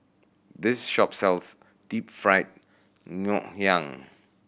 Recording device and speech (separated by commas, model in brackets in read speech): boundary microphone (BM630), read sentence